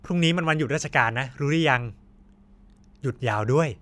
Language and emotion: Thai, happy